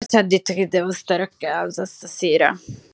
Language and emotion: Italian, disgusted